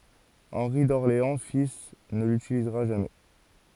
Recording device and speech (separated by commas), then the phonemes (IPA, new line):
forehead accelerometer, read sentence
ɑ̃ʁi dɔʁleɑ̃ fil nə lytilizʁa ʒamɛ